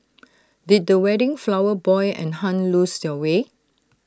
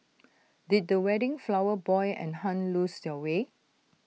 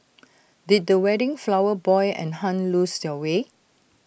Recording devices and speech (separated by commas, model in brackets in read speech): standing microphone (AKG C214), mobile phone (iPhone 6), boundary microphone (BM630), read sentence